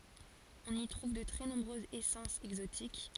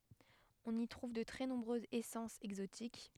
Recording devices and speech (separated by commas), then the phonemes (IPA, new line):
forehead accelerometer, headset microphone, read sentence
ɔ̃n i tʁuv də tʁɛ nɔ̃bʁøzz esɑ̃sz ɛɡzotik